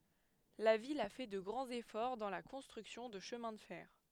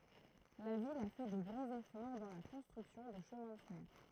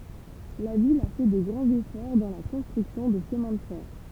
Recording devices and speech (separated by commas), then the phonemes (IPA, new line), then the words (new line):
headset microphone, throat microphone, temple vibration pickup, read sentence
la vil a fɛ də ɡʁɑ̃z efɔʁ dɑ̃ la kɔ̃stʁyksjɔ̃ də ʃəmɛ̃ də fɛʁ
La ville a fait de grands efforts dans la construction de chemins de fer.